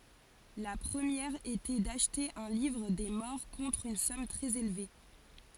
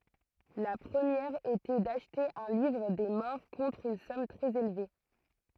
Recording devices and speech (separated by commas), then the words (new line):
forehead accelerometer, throat microphone, read sentence
La première était d'acheter un livre des morts contre une somme très élevée.